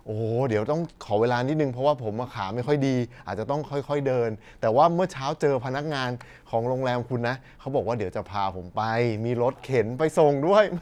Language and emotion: Thai, happy